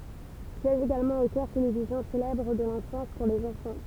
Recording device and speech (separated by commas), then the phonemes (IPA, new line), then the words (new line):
temple vibration pickup, read sentence
sjɛʒ eɡalmɑ̃ o kœʁ televizjɔ̃ selɛbʁ də lɑ̃fɑ̃s puʁ lez ɑ̃fɑ̃
Siège également au Chœur télévision célèbre de l'enfance pour les enfants.